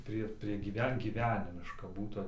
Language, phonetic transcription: Lithuanian, ˈprie prie gyˈven gyˈvenimiška ˈbūtu

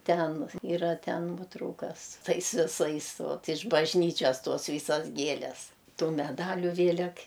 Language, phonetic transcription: Lithuanian, ˈten yˈra ˈten ˈnuotraukas ˈtais viˈsais ˈvat iš bažˈnyčias ˈtos ˈvysas ˈgieles ˈtų meˈdaliu ˈvėlek

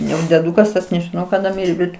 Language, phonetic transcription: Lithuanian, ˈjau deˈdūkas tas nežiˈnau kaˈda ˈmirė ˈbet

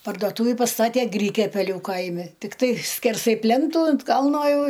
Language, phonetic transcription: Lithuanian, pardoˈtūvi paˈstatė ˈgrikiapeliu ˈkaimi tikˈtai skerˈsai ˈplentų ant ˈkalno ˈjau

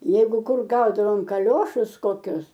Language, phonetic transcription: Lithuanian, ˈjeigu ˈkur ˈgaudavom kaˈliošus koˈkius

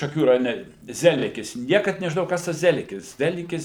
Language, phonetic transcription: Lithuanian, šaˈkių rajoˈne ˈzelikis ˈniekad nežiˈnojau ˈkas tas ˈzelikis ˈzelikis

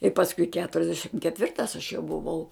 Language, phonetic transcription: Lithuanian, i pasˈkui keturiasˈdešim ketˈvirtas aš jau buˈvau

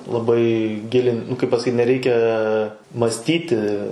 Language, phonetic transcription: Lithuanian, laˈbai ˈgilin nu kaip pasaˈkyt neˈreikia masˈtyti

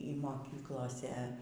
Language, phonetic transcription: Lithuanian, y moˈkyklose

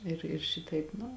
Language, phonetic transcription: Lithuanian, ir ir ˈšitaip ˈnu

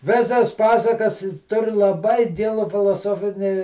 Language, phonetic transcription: Lithuanian, ˈvėsas ˈpasakas ˈtur laˈbai ˈgilu filoˈsofinį

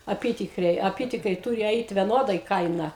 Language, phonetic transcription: Lithuanian, aˈpytikriai aˈpytikriai ˈtūri ˈeit veˈnodai ˈkaina

